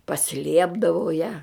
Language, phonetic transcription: Lithuanian, paˈsliepdavau ja

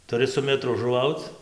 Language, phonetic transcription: Lithuanian, tuˈri su meˈtru žuˈvauc

